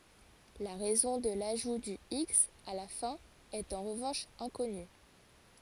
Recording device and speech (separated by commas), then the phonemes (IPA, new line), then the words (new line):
forehead accelerometer, read sentence
la ʁɛzɔ̃ də laʒu dy iks a la fɛ̃ ɛt ɑ̃ ʁəvɑ̃ʃ ɛ̃kɔny
La raison de l'ajout du x à la fin est en revanche inconnue.